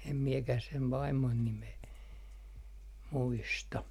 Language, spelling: Finnish, en minäkään sen vaimon nimeä muista
- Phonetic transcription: em 'miekäh sev "vaimmon nimee , 'muista .

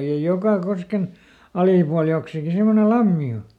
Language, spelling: Finnish, ja joka kosken alipuolella joksikin semmoinen lampi on
- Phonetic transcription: ja ˈjoka ˈkosken , ˈalìpual joksiki ˈsemmone "lammi o .

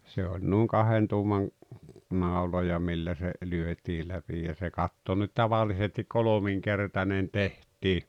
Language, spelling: Finnish, se oli noin kahden tuuman nauloja millä se lyötiin läpi ja se katto nyt tavallisesti kolminkertainen tehtiin
- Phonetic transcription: se oĺ nuuŋ "kahen tuumaŋ , 'nàuloja 'millä se , 'lyöt́ii läpi ja se "katto nyt 'tavallisestik "kolomiŋkertanen 'teht̀ii .

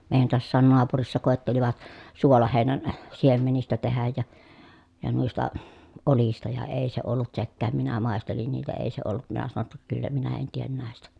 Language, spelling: Finnish, meidän taassakin naapurissa koettelivat suolaheinän siemenistä tehdä ja ja noista oljista ja ei se ollut sekään minä maistelin niitä ei se ollut minä sanoin jotta kyllä minä en tee näistä
- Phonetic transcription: mèi̮jän toassaan noapurissa kòettelivat , suolahèinän , siemenistä tehäj ja , ja nuista , olista ja èi se ollut sekkääm minä màestelin niitä èi se ollut minä sano ‿tta , » kyllä minä en tien nä̀estä » .

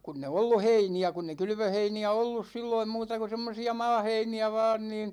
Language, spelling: Finnish, kun ei ollut heiniä kun ei kylvöheiniä ollut silloin muuta kuin semmoisia maaheiniä vain niin
- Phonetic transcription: 'kunn ‿e "ollu 'heini₍ä , kunn ‿e 'kylvöheini₍ä "ollus 'silloim 'muuta ku̬ semmosi₍a "maaheini₍ä vaan niin ,.

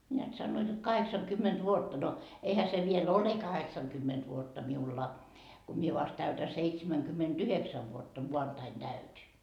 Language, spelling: Finnish, näet sanoivat jotta kahdeksankymmentä vuotta no eihän se vielä ole kahdeksankymmentä vuotta minulla kun minä vasta täytän seitsemänkymmentäyhdeksän vuotta maanantaina täytin
- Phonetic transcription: neät 'sannoit jot "kaheksaŋkymment 'vuotta no , 'eihä se viel "ole 'kaheksaŋkymment vuotta 'miulla , ko 'mie vast täytä 'seitsemäŋkymment'yheksäv vuotta 'muantain 'täyt́i .

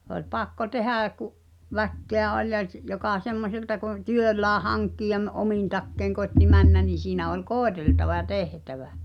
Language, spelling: Finnish, se oli pakko tehdä kun väkeä oli ja - joka semmoiselta kun työllään hankkien omin takein koitti mennä niin siinä oli koeteltava ja tehtävä
- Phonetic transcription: h̳ᵉ ‿oĺ 'pakko "tehä̳ä̳ ku’ , "väkkeä "oĺ ja s- , jokà 'semmoselta kun̆ , "työllää 'haŋkkij̳e̳m̳ "’omin takkeĭŋ koi̬tti "männä ni siinä ol "kòeteltava ʲa "tehtävä .

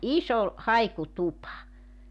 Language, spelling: Finnish, iso haikutupa
- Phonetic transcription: '’iso , "haiku"tupa .

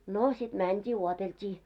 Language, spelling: Finnish, no sitten mentiin odoteltiin
- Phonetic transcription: 'no sit 'mänt́ii 'uotelt́ii .

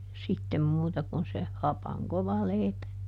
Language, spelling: Finnish, sitten muuta kuin se hapan kova leipä
- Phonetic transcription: ˈsittem ˈmuuta kun se , ˈhapaŋ ˈkova ˈlèipä .

